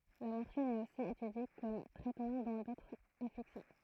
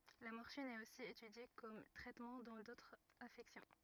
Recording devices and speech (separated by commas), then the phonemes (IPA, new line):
throat microphone, rigid in-ear microphone, read sentence
la mɔʁfin ɛt osi etydje kɔm tʁɛtmɑ̃ dɑ̃ dotʁz afɛksjɔ̃